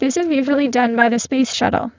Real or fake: fake